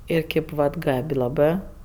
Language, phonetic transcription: Lithuanian, ˈir ˈkėp vat ˈgab' laˈbɜ

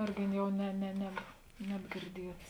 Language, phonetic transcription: Lithuanian, ˈirgi ˈjau ne ne ˈneb nebgirˈdiets

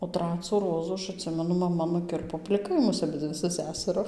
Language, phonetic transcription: Lithuanian, o ˈtracu ˈrozu ˈaš atˈsimenu maˈma nuˈkirpo pliˈkai ˈmus aˈbidzi su ˈsæsaru

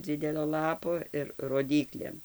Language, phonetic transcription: Lithuanian, ˈdzidelio ˈlapo ir roˈdyklėm

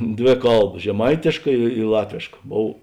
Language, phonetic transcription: Lithuanian, ˈdvė ˈkalba žeˈmaitėška i ˈlatvėška ˈbov

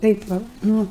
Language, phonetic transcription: Lithuanian, ˈtaip va ˈnu

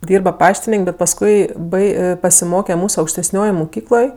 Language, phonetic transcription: Lithuanian, ˈdyrba ˈpaštinėn'k' bet pasˈkui ˈbai pasiˈmoke ˈmūs aukšteˈsniojoj muˈkykloj

